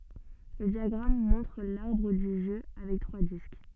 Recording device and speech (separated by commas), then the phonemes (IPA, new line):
soft in-ear microphone, read sentence
lə djaɡʁam mɔ̃tʁ laʁbʁ dy ʒø avɛk tʁwa disk